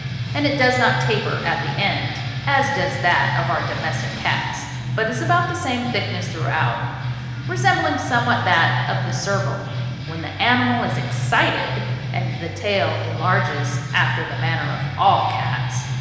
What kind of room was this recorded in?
A very reverberant large room.